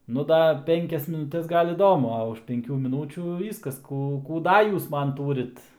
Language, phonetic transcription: Lithuanian, nu ˈda ˈpenkias minuˈtes ˈgal iˈdomu a už penˈkių miˈnūčių ˈvyskas ˈkų kų ˈda ˈjūs ˈman ˈtūrit

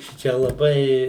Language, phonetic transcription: Lithuanian, ˈšičia laˈbai

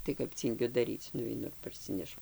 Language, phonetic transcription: Lithuanian, tai kap ˈcyngiu daˈryc nuveiˈnu ir parˈsinešu

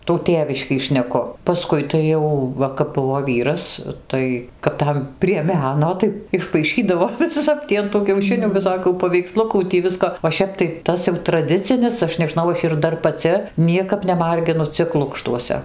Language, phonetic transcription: Lithuanian, tų ˈtėviškį šneˈku paˈskui tai ˈjau ˈva kap ˈbuvo ˈvyras ˈtai kap ˈtam prie ˈmeno tai išpaiˈšydavo viˈsap tį an tų kiauˈšinių viˈsokių paveikˈslukų tį ˈvisko o ˈšep tai ˈtas jau traˈdicinis ˈaš neˈžnau ˈaš ir ˈdar paˈci ˈniekap neˈmarginu ˈcik ˈlukštuose

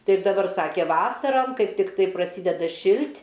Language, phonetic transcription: Lithuanian, ˈtaip daˈbar ˈsake ˈvasaram ˈkaip tikˈtai praˈsydeda ˈšilt'

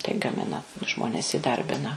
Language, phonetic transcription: Lithuanian, tai gaˈmina ˈžmones įˈdarbina

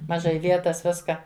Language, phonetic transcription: Lithuanian, maˈžai ˈvietas ˈviska

